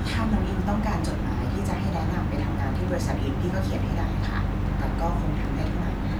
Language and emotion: Thai, neutral